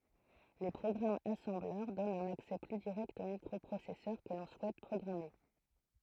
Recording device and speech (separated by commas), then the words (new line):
throat microphone, read sentence
Les programmes assembleur donnent un accès plus direct au microprocesseur que l'on souhaite programmer.